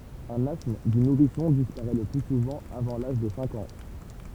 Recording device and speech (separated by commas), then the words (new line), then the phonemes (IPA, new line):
temple vibration pickup, read sentence
Un asthme du nourrisson disparaît le plus souvent avant l'âge de cinq ans.
œ̃n astm dy nuʁisɔ̃ dispaʁɛ lə ply suvɑ̃ avɑ̃ laʒ də sɛ̃k ɑ̃